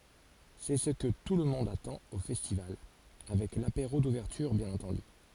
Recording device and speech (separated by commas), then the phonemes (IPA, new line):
forehead accelerometer, read sentence
sɛ sə kə tulmɔ̃d atɑ̃t o fɛstival avɛk lapeʁo duvɛʁtyʁ bjɛ̃n ɑ̃tɑ̃dy